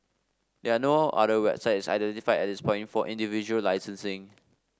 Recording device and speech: standing microphone (AKG C214), read sentence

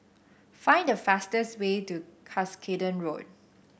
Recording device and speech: boundary microphone (BM630), read sentence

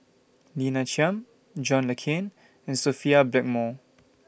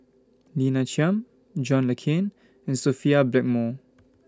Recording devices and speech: boundary microphone (BM630), standing microphone (AKG C214), read sentence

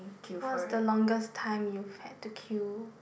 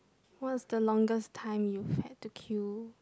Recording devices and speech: boundary microphone, close-talking microphone, conversation in the same room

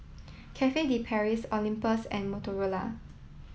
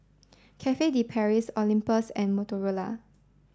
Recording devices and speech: mobile phone (iPhone 7), standing microphone (AKG C214), read sentence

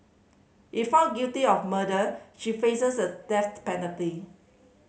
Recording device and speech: mobile phone (Samsung C5010), read sentence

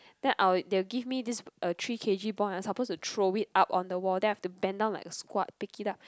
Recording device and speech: close-talking microphone, conversation in the same room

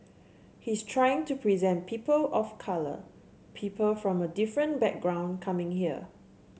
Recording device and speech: mobile phone (Samsung C7), read sentence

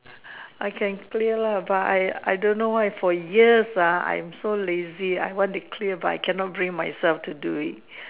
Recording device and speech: telephone, conversation in separate rooms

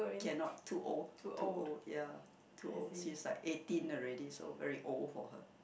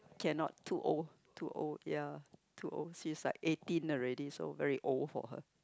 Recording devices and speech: boundary microphone, close-talking microphone, conversation in the same room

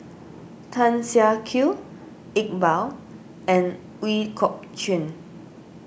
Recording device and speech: boundary microphone (BM630), read sentence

